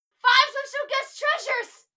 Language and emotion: English, fearful